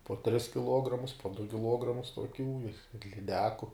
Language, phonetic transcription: Lithuanian, po tris kiˈluogramus po du kiˈluogramus tuoˈkių i ir liˈdeku

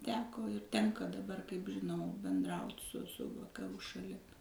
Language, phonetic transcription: Lithuanian, ˈteko ir ˈtenka daˈbar kaip žiˈnau benˈdraut' su su vakaˈrų šaˈlim

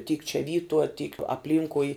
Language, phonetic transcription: Lithuanian, tyk čia ˈvytuo tyk apˈlynkui

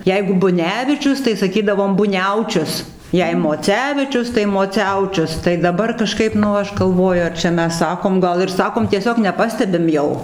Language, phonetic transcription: Lithuanian, ˈjeigu buˈnevičius tai saˈkydavom buˈniaučius ˈjei moˈcevičius tai moˈciaučius tai daˈbar kaˈžkaip nu ˈaš galˈvoju ar čia ˈmes ˈsakom ˈgal ir ˈsakom tieˈsiog neˈpastebim ˈjau

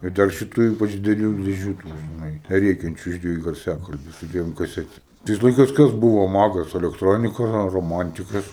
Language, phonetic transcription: Lithuanian, i ˈdar šiˈtų ˈypač dideˈlių dėˈžių tų žiˈnai ˈrėkiančiu iš dvieˈjų garˈsiakalbiu su ˈdviem kaˈsetem ˈtais laiˈkais ˈkas ˈbuvo ˈmagas elekˈtronika ro roˈmantikas

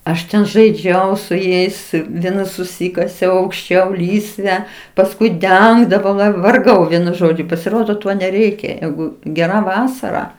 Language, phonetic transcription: Lithuanian, aš ˈten žaiˈdžiau su ˈjais ˈviena suˈsykasiau aukšˈčiau ˈlysve pasˈkui ˈdengdavau va varˈgau ˈvienu ˈžodžiu pasiˈrodo ˈto neˈreikia ˈjeigu geˈra ˈvasara

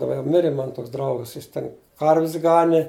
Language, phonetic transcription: Lithuanian, daˈba jau ˈmirė ˈmana ˈtoks ˈdraugas ˈjis ten ˈkarvis ˈgani

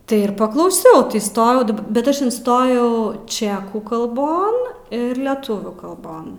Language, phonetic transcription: Lithuanian, ˈtai ir paklauˈsiau įˈstojau daˈba ˈbet ˈaš inˈstojau ˈčekų kalˈbon ˈir leˈtuvių kalˈbon

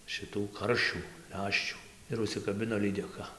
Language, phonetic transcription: Lithuanian, šiˈtų ˈkaršių ˈleščių ir užsikaˈbino lydeˈka

